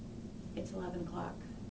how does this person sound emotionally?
neutral